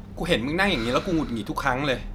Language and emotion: Thai, frustrated